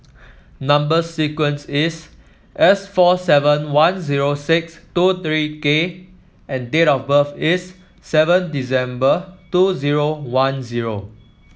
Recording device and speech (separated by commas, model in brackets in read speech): mobile phone (iPhone 7), read sentence